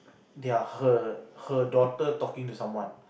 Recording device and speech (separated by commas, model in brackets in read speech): boundary microphone, conversation in the same room